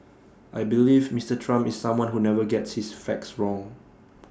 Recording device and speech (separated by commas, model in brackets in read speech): standing microphone (AKG C214), read sentence